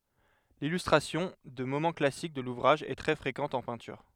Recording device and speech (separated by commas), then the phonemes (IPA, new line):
headset microphone, read sentence
lilystʁasjɔ̃ də momɑ̃ klasik də luvʁaʒ ɛ tʁɛ fʁekɑ̃t ɑ̃ pɛ̃tyʁ